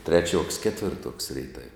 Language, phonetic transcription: Lithuanian, ˈtreˌčiuoks ˈketvirˌtuoks ˈreitav'

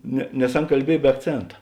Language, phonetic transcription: Lithuanian, ne nes ˈan kalˈbiej be akˈcėnta

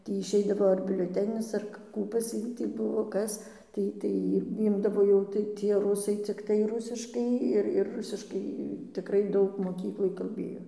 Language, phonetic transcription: Lithuanian, ˈtį išˈeidavo ar biulioˈtenis ˈar ˈkų pas ˈjį tį ˈbuvo ˈkas ˈtai tai ˈy ˈimdavo jau tai tie ruˈsai cikˈtai ˈrusiškai ˈir ir ˈrusiškai tiˈkrai ˈdaug moˈkykloj kalˈbėjo

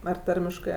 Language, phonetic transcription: Lithuanian, ar ˈtarmiškɜ

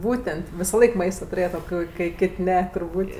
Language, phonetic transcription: Lithuanian, ˈbūten't' visaˈlaik ˈmaista tuˈrėjat o ˈkoi kai ˈkėt' ˈne turˈbūt'

